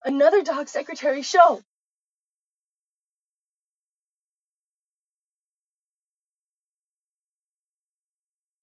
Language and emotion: English, fearful